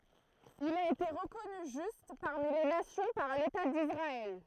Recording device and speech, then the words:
throat microphone, read sentence
Il a été reconnu Juste parmi les nations par l’État d’Israël.

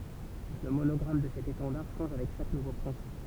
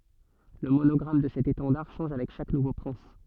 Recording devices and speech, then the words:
temple vibration pickup, soft in-ear microphone, read sentence
Le monogramme de cet étendard change avec chaque nouveau prince.

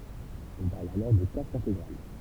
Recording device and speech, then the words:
temple vibration pickup, read sentence
On parle alors de casque intégral.

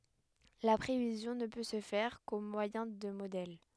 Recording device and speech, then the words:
headset microphone, read sentence
La prévision ne peut se faire qu'au moyen de modèles.

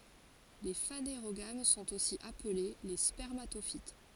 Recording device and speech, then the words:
forehead accelerometer, read sentence
Les phanérogames sont aussi appelées les spermatophytes.

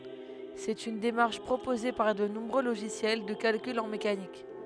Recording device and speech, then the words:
headset microphone, read sentence
C'est une démarche proposée par de nombreux logiciels de calcul en mécanique.

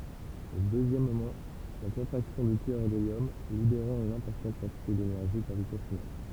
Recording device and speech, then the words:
temple vibration pickup, read sentence
Et deuxièmement, la contraction du cœur d'hélium, libérant une importante quantité d'énergie gravitationnelle.

